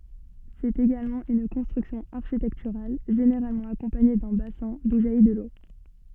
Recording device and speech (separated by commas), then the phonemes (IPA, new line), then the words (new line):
soft in-ear microphone, read sentence
sɛt eɡalmɑ̃ yn kɔ̃stʁyksjɔ̃ aʁʃitɛktyʁal ʒeneʁalmɑ̃ akɔ̃paɲe dœ̃ basɛ̃ du ʒaji də lo
C'est également une construction architecturale, généralement accompagnée d'un bassin, d'où jaillit de l'eau.